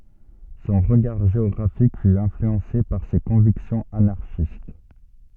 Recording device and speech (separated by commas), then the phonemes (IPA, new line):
soft in-ear microphone, read sentence
sɔ̃ ʁəɡaʁ ʒeɔɡʁafik fy ɛ̃flyɑ̃se paʁ se kɔ̃viksjɔ̃z anaʁʃist